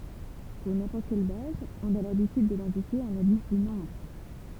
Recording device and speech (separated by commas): temple vibration pickup, read sentence